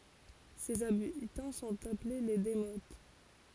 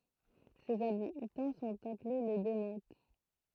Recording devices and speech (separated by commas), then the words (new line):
forehead accelerometer, throat microphone, read sentence
Ses habitants sont appelés les démotes.